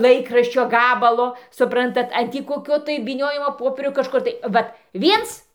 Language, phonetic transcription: Lithuanian, ˈlaikraščio ˈgabalo suˈprantat an ˈtį koˈkio tai vyˈniojimo ˈpopierio kažˈkur tai ˈvat ˈviens

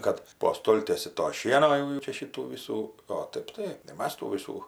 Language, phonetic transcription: Lithuanian, ˈkad po ˈstoltiesi to ˈšieno jau jau ˈčia ˈšytų ˈvysų o ˈtaip tai i ˈmas tų ˈvysų

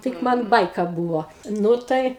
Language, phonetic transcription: Lithuanian, ˈtik ˈman ˈbaika ˈbūvo ˈnu tai

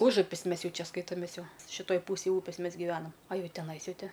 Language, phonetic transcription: Lithuanian, ˈužupis ˈmes ˈjau ˈčia ˈskaitomės ˈjau šiˈtoj ˈpūsėj ˈūpės ˈmes giˈvenam a ˈjau teˈnais ˈjau ˈti

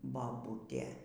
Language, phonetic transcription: Lithuanian, baˈbutė

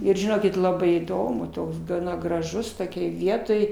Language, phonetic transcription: Lithuanian, ˈir žiˈnokit ˈlabai įˈdomu ˈtoks gaˈna graˈžus toˈkioj ˈvietoj

